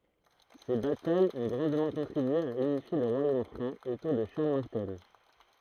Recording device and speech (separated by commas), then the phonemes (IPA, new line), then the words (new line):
throat microphone, read sentence
se batajz ɔ̃ ɡʁɑ̃dmɑ̃ kɔ̃tʁibye a ynifje lə ʁwajom fʁɑ̃ otuʁ də ʃaʁl maʁtɛl
Ces batailles ont grandement contribué à unifier le Royaume franc autour de Charles Martel.